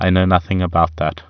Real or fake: real